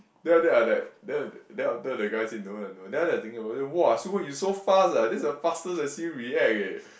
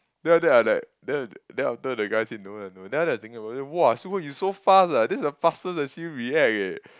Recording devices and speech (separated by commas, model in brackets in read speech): boundary microphone, close-talking microphone, conversation in the same room